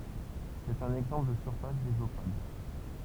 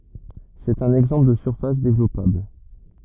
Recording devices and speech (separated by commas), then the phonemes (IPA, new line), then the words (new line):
temple vibration pickup, rigid in-ear microphone, read sentence
sɛt œ̃n ɛɡzɑ̃pl də syʁfas devlɔpabl
C'est un exemple de surface développable.